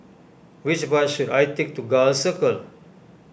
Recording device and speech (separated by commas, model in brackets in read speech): boundary microphone (BM630), read sentence